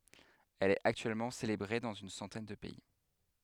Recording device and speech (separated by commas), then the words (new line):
headset microphone, read sentence
Elle est actuellement célébrée dans une centaine de pays.